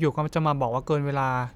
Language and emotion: Thai, neutral